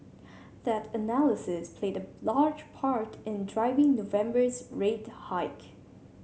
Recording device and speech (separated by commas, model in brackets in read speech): mobile phone (Samsung C7100), read sentence